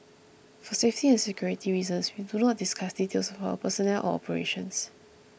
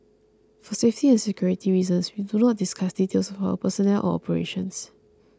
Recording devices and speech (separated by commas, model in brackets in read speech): boundary microphone (BM630), close-talking microphone (WH20), read sentence